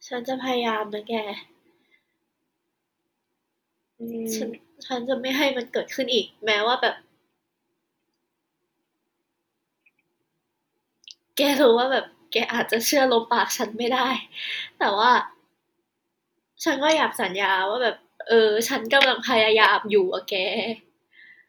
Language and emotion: Thai, sad